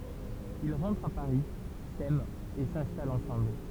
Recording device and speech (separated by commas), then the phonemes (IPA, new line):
temple vibration pickup, read sentence
il ʁɑ̃tʁt a paʁi sɛmt e sɛ̃stalt ɑ̃sɑ̃bl